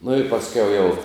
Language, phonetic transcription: Lithuanian, nu i pasˈkiau jau

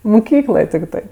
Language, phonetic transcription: Lithuanian, muˈkykloj tikˈtɜ

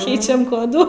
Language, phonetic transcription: Lithuanian, ˈkeičiam ˈkodų

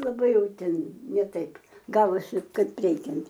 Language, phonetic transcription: Lithuanian, laˈbai ˈjau ˈten ne ˈtaip ˈgavosi ˈkaip ˈreikiant

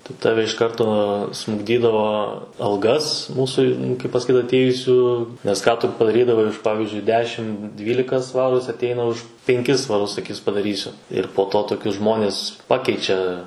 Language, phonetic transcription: Lithuanian, tai ˈtave iš ˈkarto smukˈdydavo alˈgas ˈmūsu kaip pasaˈkyt atˈėjusių nes ˈką tu padaˈrydavai už ˈpavizdžiui ˈdešim ˈdvylika ˈsvarų ˈjis atˈeina už penˈkis svaˈrus saˈkys padaˈrysiu ir po ˈto toˈkius ˈžmonis ˈpakeičia

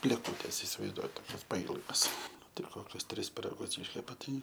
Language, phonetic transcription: Lithuanian, blėˈkutės isivaizˈduojat toˈkias paˈylgas ˈnu ˈtai ˈkokius ˈtris piraˈgus ˈyškepa ˈtai

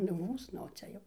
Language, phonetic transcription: Lithuanian, nu ˈmūs nu o ˈcia jau

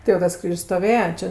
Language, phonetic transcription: Lithuanian, ti jau ˈtas ˈkryž's' stoˈvėja ˈčia

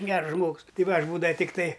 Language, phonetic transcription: Lithuanian, ˈgers ˈžmogs ˈtai ˈva ˈaš ˈbūdava ˈtiktai

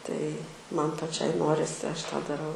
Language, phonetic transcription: Lithuanian, tai ˈman paˈčiai ˈnorisi ˈaš tą daˈrau

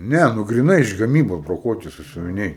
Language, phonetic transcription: Lithuanian, ˈne nu griˈnai iš gaˈmybos broˈkuoti sasiuviˈniai

